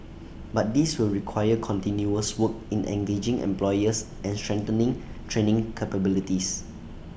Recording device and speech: boundary microphone (BM630), read sentence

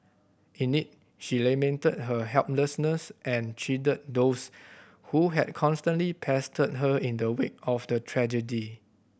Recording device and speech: boundary microphone (BM630), read sentence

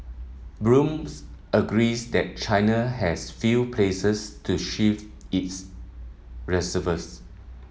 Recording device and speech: mobile phone (iPhone 7), read sentence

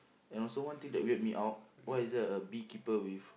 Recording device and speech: boundary microphone, conversation in the same room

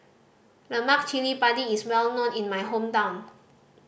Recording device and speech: boundary microphone (BM630), read sentence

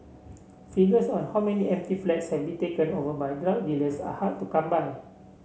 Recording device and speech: mobile phone (Samsung C7), read sentence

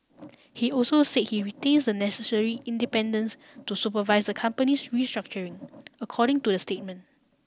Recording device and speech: standing microphone (AKG C214), read sentence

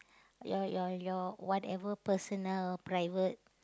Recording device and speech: close-talking microphone, conversation in the same room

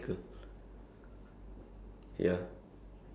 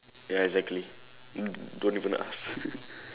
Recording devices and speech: standing microphone, telephone, conversation in separate rooms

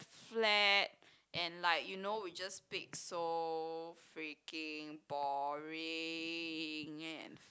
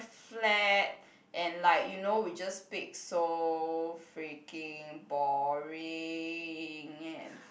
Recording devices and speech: close-talking microphone, boundary microphone, conversation in the same room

